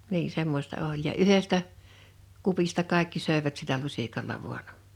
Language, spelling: Finnish, niin semmoista oli ja yhdestä kupista kaikki söivät sillä lusikalla vain
- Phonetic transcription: nii 'semmosta 'oĺ ja 'yhestä , 'kupista 'kàekki 'sö̀ḙvät sillä 'luśikalla 'vuan .

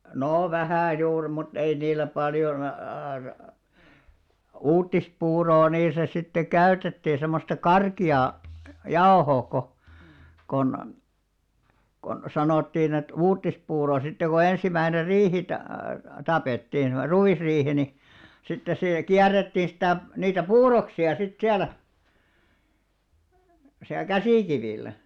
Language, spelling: Finnish, no vähän juuri mutta ei niillä paljon - - uutispuuroa niissä sitten käytettiin semmoista karkeaa jauhoa kun kun kun sanottiin että uutispuuro sitten kun ensimmäinen riihi - tapettiin semmoinen ruisriihi niin sitten se kierrettiin sitä niitä puuroksia sitten siellä siellä käsikivillä
- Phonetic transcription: 'noo 'vähä̀ juur mut 'ei niil̆lä 'paljon a- aar- , "uuttispuuroo niisä sitte 'käytettii semmosta "karki₍aa , "jaohoo ko , kon , kon 'sanòttiin ‿et "uuttispuuro sitte ko 'ensimäiner "riihi ta- , 'tapettiin (semmoner) 'ruʷisriihi ni , sitte sè , 'kiär̆rettii sitä̀ , niitä "puuroksi₍a sit 'siällä , siäˡ "käsìkivìl̆lä .

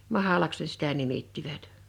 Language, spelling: Finnish, mahlaksi ne sitä nimittivät
- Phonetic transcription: mahalaks ne sitä 'nimittivät .

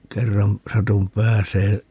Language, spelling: Finnish, kerran satuin pääsemään
- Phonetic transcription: 'kerram , 'satum 'pääsee ,.

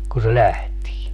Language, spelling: Finnish, kun se lähtee
- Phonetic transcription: ku se 'lähtii .

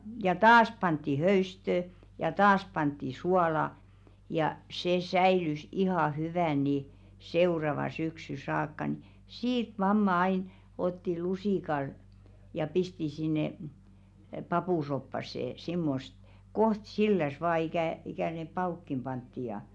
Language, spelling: Finnish, ja taas pantiin höystöä ja taas pantiin suolaa ja se säilyi ihan hyvänä niin seuraavaan syksyyn saakka no siitä mamma aina otti lusikalla ja pisti sinne papusoppaan semmoista kohta sillään vain ikä ikä ne pavutkin pantiin ja
- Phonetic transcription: ja "taas pantti 'höystö , ja 'taas pantti "suala , ja 'se "säilys 'ihà hyvä̀n ni , "seuravaɴ syksy 'saakka ⁿⁱ , "siit 'mamma ain , otti "lusìkal , ja 'pisti sinne , 'papùsoppasse , simmost , 'koht "silläs vaa ikä̀ , ikä̀ ne "pa₍ùkkim 'pantti ja .

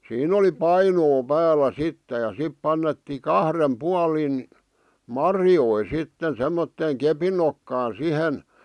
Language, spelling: Finnish, siinä oli painoa päällä sitten ja sitten pantiin kahden puolin marjoja sitten semmoiseen kepin nokkaan siihen
- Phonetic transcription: 'siin ‿oli "painoo 'päälä 'sittᵉ ja sip 'pannettii "kahrem "pualin , "marjoi "sitten semmotteeŋ "kepin nokkaa "sihen ,.

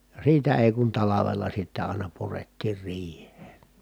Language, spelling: Finnish, ja siitä ei kun talvella sitten aina purettiin riiheen
- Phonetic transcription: ja siitä èi kun talavella sittä àina purettiir riih̀een̬ .

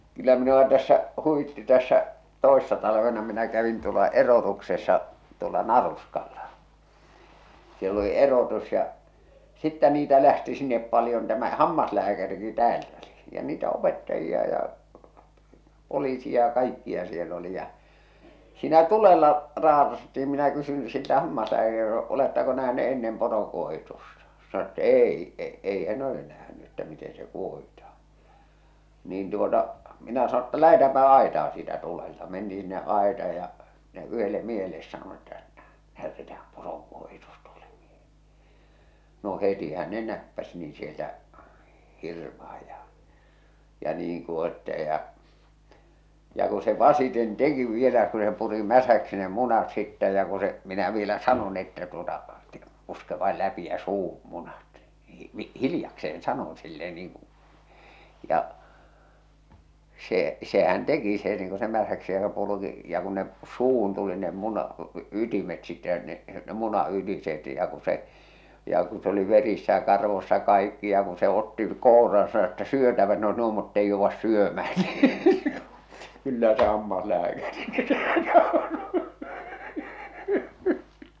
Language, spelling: Finnish, kyllä minua tässä huvitti tässä toissa talvena minä kävin tuolla erotuksessa tuolla Naruskalla siellä oli erotus ja sitten niitä lähti sinne paljon tämä hammaslääkärikin täältä oli ja niitä opettajia ja poliisi ja kaikkia siellä oli ja siinä tulella - raatattiin minä kysyn siltä - oletteko nähneet ennen poronkuohitusta sanoi jotta ei - ei hän ole nähnyt että miten se kuohitaan niin tuota minä sanoin jotta lähdetäänpä aitaan siitä tulelta mentiin sinne aitaan ja minä yhdelle miehelle sanoin että näytetään poron kuohitus tuolle - no hetihän ne näppäsi niin sieltä hirvaan ja ja niin kuohitsee ja ja kun se vasiten teki vielä kun se puri mäsäksi ne munat sitten ja kun se minä vielä sanoin että tuota - puske vain läpi ja suuhun munat niin hiljakseen sanon sille niin kuin ja se sehän teki se niin kuin se mäsäksi se purikin ja kun ne suuhun tuli ne munan ytimet sitten ja ne ne munan ytiset ja kun se ja kun se oli verissä ja karvoissa kaikki ja kun se otti kouraan sanoi että syötävät ne olisi nuo mutta ei jouda syömään niin kyllä se hammaslääkärikin se nauroi
- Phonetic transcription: kyllä minu₍a tässä , 'huwitti tässä , 'toessa talavena minä kävin tuola "erotuksessa , tuola "Naruskalla , siell ‿oli "erotus ja , 'sittä niitä lähti sinnep 'paljon tämä "hammaslääkäriki täält ‿ö̳li , ja niitä opettajia ja , 'poliisi ja 'kaikki₍a 'siel ‿oli ja , siinä 'tulella , raatas- ‿ttiim minä kysyn , 'siltä 'hammaslääkäri- , » 'olettako nähne’ ennem 'poroŋkuohitusta « , sano ‿tta "èi , e- ei hän 'ole nähny että 'miten se 'kuohitah̬aa̰ , niin tuota , 'minä sano ‿tta » "lähetäämpä "aetaa « siitä tulelta 'mentii sinne’ '’aetaaj ja , ᴍɪnä yhelle miehelles sanon että , » 'ɴᴀ̈ᴏ̈tᴇtᴀ̈ᴀ̈ᴍ 'pᴏʀᴏИ kᴜᴏhɪtᴜs tᴜᴏʟʟᴇᴍ ᴍɪᴇ- « , no 'hetihä ne 'näppäs niiḭ sieltä , 'hirvah̬aj ja , ja 'niiŋ kuoh̬ittee ja , ja ku se "vasiten "teki vielä ku se puri "mäsäksi ne 'munat sittä ja ku se , minä vielä "sanon että tuota , tᴇ- , » 'puske vail 'läpi jä 'suuhuᴍ 'munat « , ɴɪɪ , 'hilⁱjakse₍en 'sanon sille niiŋ kᴜ , ja , 'se , sehän 'teki se niiŋ ku se mäsäksi se (pulᵘki) ja ku ne , 'suuhun tuli ne muna , 'ytimet sitte ja ne , ne 'muna 'ytiset ja ku se , ja ku se ‿oli 'verissä ja "karvossa 'kaikki ja ku se 'otti , 'kouraan sano että » "syötävät ne oes nuo mutteij 'jouvvas 'syömään « nii , 'kyllä se 'hammaslääkäriki , se naoro .

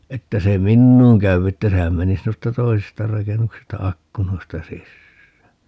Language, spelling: Finnish, että se minuun käy että sehän menisi noista toisista rakennuksista ikkunoista sisään
- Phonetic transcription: 'että se "minnuuŋ käyw ‿että 'sehän menis 'noista 'toisista 'rakennuksista 'akkunoista "sissää .

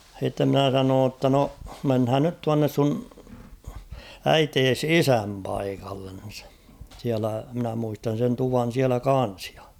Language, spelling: Finnish, sitten minä sanoin jotta no mennään nyt tuonne sinun äitisi isän paikalle siellä minä muistan sen tuvan siellä kanssa ja
- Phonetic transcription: h̬itte ‿'mnä̀ 'sanoon ‿tta no , 'menhään nyt 'tuannes sun , "äitees "isäm paikallen̬ , siälä mᵎnä muistan̬ sen 'tuvan̬ 'siälä "kan̬s ᴊᴀ .

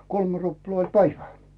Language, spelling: Finnish, kolme ruplaa oli päivä
- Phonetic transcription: kolmᴇ 'ruplaa oĺ "päivä .

